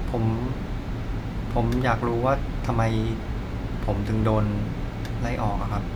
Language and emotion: Thai, frustrated